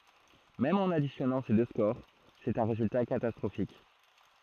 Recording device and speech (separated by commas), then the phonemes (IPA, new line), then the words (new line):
throat microphone, read sentence
mɛm ɑ̃n adisjɔnɑ̃ se dø skoʁ sɛt œ̃ ʁezylta katastʁofik
Même en additionnant ces deux scores, c'est un résultat catastrophique.